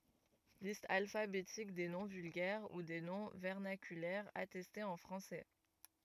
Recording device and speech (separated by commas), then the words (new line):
rigid in-ear microphone, read sentence
Liste alphabétique des noms vulgaires ou des noms vernaculaires attestés en français.